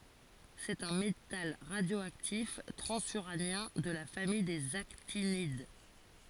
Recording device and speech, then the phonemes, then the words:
forehead accelerometer, read sentence
sɛt œ̃ metal ʁadjoaktif tʁɑ̃zyʁanjɛ̃ də la famij dez aktinid
C'est un métal radioactif transuranien de la famille des actinides.

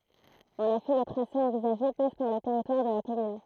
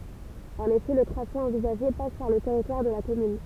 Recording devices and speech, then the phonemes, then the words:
throat microphone, temple vibration pickup, read sentence
ɑ̃n efɛ lə tʁase ɑ̃vizaʒe pas paʁ lə tɛʁitwaʁ də la kɔmyn
En effet, le tracé envisagé passe par le territoire de la commune.

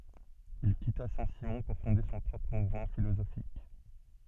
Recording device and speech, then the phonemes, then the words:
soft in-ear microphone, read sentence
il kita sɛ̃ simɔ̃ puʁ fɔ̃de sɔ̃ pʁɔpʁ muvmɑ̃ filozofik
Il quitta Saint-Simon pour fonder son propre mouvement philosophique.

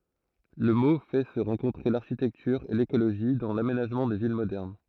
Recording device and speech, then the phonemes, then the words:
throat microphone, read sentence
lə mo fɛ sə ʁɑ̃kɔ̃tʁe laʁʃitɛktyʁ e lekoloʒi dɑ̃ lamenaʒmɑ̃ de vil modɛʁn
Le mot fait se rencontrer l'architecture et l'écologie dans l'aménagement des villes modernes.

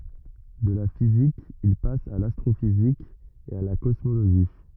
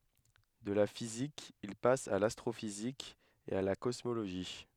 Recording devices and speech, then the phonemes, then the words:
rigid in-ear microphone, headset microphone, read sentence
də la fizik il pas a lastʁofizik e a la kɔsmoloʒi
De la physique, il passe à l'astrophysique et à la cosmologie.

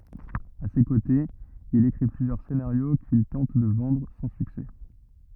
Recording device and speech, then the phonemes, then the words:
rigid in-ear microphone, read sentence
a se kotez il ekʁi plyzjœʁ senaʁjo kil tɑ̃t də vɑ̃dʁ sɑ̃ syksɛ
À ses côtés, il écrit plusieurs scénarios qu'il tente de vendre, sans succès.

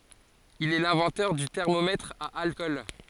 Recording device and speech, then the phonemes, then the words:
forehead accelerometer, read sentence
il ɛ lɛ̃vɑ̃tœʁ dy tɛʁmomɛtʁ a alkɔl
Il est l'inventeur du thermomètre à alcool.

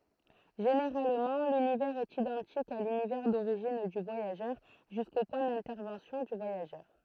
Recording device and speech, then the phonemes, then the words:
throat microphone, read sentence
ʒeneʁalmɑ̃ lynivɛʁz ɛt idɑ̃tik a lynivɛʁ doʁiʒin dy vwajaʒœʁ ʒysko pwɛ̃ dɛ̃tɛʁvɑ̃sjɔ̃ dy vwajaʒœʁ
Généralement, l'univers est identique à l'univers d'origine du voyageur, jusqu'au point d'intervention du voyageur.

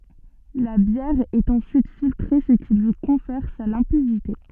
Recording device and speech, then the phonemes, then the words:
soft in-ear microphone, read sentence
la bjɛʁ ɛt ɑ̃syit filtʁe sə ki lyi kɔ̃fɛʁ sa lɛ̃pidite
La bière est ensuite filtrée ce qui lui confère sa limpidité.

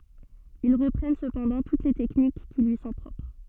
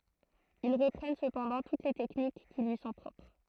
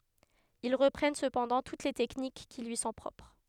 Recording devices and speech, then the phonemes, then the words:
soft in-ear microphone, throat microphone, headset microphone, read sentence
il ʁəpʁɛn səpɑ̃dɑ̃ tut le tɛknik ki lyi sɔ̃ pʁɔpʁ
Ils reprennent cependant toutes les techniques qui lui sont propres.

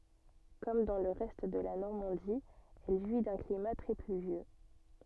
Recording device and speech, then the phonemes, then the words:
soft in-ear microphone, read sentence
kɔm dɑ̃ lə ʁɛst də la nɔʁmɑ̃di ɛl ʒwi dœ̃ klima tʁɛ plyvjø
Comme dans le reste de la Normandie elle jouit d'un climat très pluvieux.

